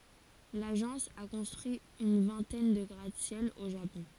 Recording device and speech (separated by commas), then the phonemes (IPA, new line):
forehead accelerometer, read sentence
laʒɑ̃s a kɔ̃stʁyi yn vɛ̃tɛn də ɡʁatəsjɛl o ʒapɔ̃